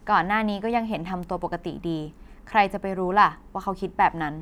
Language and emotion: Thai, neutral